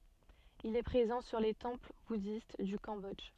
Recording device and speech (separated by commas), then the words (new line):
soft in-ear microphone, read sentence
Il est présent sur les temples bouddhistes du Cambodge.